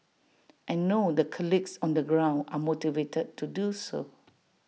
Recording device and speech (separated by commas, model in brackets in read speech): mobile phone (iPhone 6), read sentence